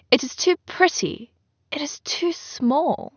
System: none